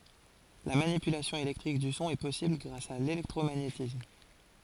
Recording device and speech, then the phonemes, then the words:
forehead accelerometer, read sentence
la manipylasjɔ̃ elɛktʁik dy sɔ̃ ɛ pɔsibl ɡʁas a lelɛktʁomaɲetism
La manipulation électrique du son est possible grâce à l'électromagnétisme.

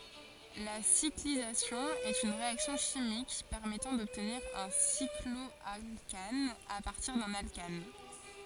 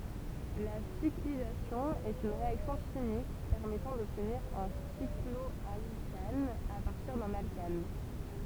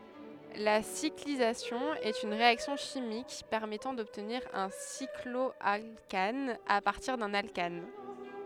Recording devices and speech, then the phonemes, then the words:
forehead accelerometer, temple vibration pickup, headset microphone, read sentence
la siklizasjɔ̃ ɛt yn ʁeaksjɔ̃ ʃimik pɛʁmɛtɑ̃ dɔbtniʁ œ̃ siklɔalkan a paʁtiʁ dœ̃n alkan
La cyclisation est une réaction chimique permettant d'obtenir un cycloalcane à partir d'un alcane.

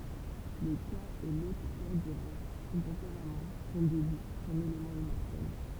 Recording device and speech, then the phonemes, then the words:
temple vibration pickup, read sentence
lə ka ɛ lotʁ kɔʁ dy ʁwa sɔ̃ tɑ̃peʁam sɔ̃ dubl sɔ̃n elemɑ̃ immɔʁtɛl
Le Ka est l'autre corps du roi, son tempérament, son double, son élément immortel.

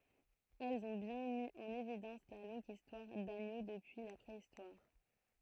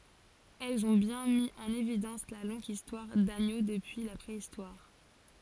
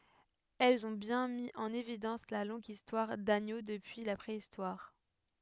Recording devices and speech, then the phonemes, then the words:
throat microphone, forehead accelerometer, headset microphone, read sentence
ɛlz ɔ̃ bjɛ̃ mi ɑ̃n evidɑ̃s la lɔ̃ɡ istwaʁ daɲo dəpyi la pʁeistwaʁ
Elles ont bien mis en évidence la longue histoire d'Agneaux depuis la Préhistoire.

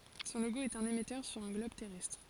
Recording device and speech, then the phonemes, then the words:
forehead accelerometer, read sentence
sɔ̃ loɡo ɛt œ̃n emɛtœʁ syʁ œ̃ ɡlɔb tɛʁɛstʁ
Son logo est un émetteur sur un globe terrestre.

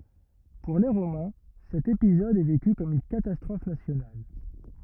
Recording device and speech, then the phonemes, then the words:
rigid in-ear microphone, read sentence
puʁ le ʁomɛ̃ sɛt epizɔd ɛ veky kɔm yn katastʁɔf nasjonal
Pour les Romains, cet épisode est vécu comme une catastrophe nationale.

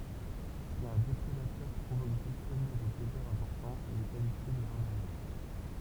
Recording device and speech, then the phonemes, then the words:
temple vibration pickup, read sentence
si œ̃ depʁedatœʁ pʁovok bʁyskəmɑ̃ de deɡaz ɛ̃pɔʁtɑ̃z il ɛ kalifje də ʁavaʒœʁ
Si un déprédateur provoque brusquement des dégâts importants, il est qualifié de ravageur.

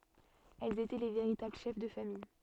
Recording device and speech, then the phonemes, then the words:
soft in-ear microphone, read sentence
ɛlz etɛ le veʁitabl ʃɛf də famij
Elles étaient les véritables chefs de famille.

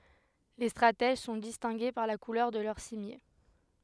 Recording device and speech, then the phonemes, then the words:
headset microphone, read sentence
le stʁatɛʒ sɔ̃ distɛ̃ɡe paʁ la kulœʁ də lœʁ simje
Les stratèges sont distingués par la couleur de leur cimier.

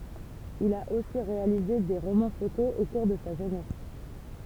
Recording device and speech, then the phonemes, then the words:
temple vibration pickup, read sentence
il a osi ʁealize de ʁomɑ̃ fotoz o kuʁ də sa ʒønɛs
Il a aussi réalisé des romans-photos au cours de sa jeunesse.

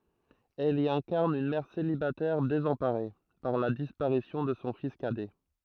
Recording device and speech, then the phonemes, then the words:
throat microphone, read sentence
ɛl i ɛ̃kaʁn yn mɛʁ selibatɛʁ dezɑ̃paʁe paʁ la dispaʁisjɔ̃ də sɔ̃ fis kadɛ
Elle y incarne une mère célibataire désemparée par la disparition de son fils cadet.

